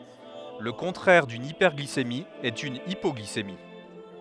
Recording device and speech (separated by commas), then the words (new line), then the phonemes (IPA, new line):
headset microphone, read sentence
Le contraire d'une hyperglycémie est une hypoglycémie.
lə kɔ̃tʁɛʁ dyn ipɛʁɡlisemi ɛt yn ipɔɡlisemi